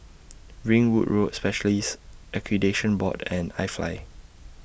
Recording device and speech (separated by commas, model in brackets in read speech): boundary microphone (BM630), read sentence